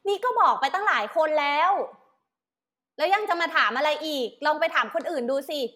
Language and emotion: Thai, angry